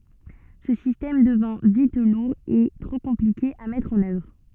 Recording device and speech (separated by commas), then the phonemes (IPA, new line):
soft in-ear microphone, read sentence
sə sistɛm dəvɛ̃ vit luʁ e tʁo kɔ̃plike a mɛtʁ ɑ̃n œvʁ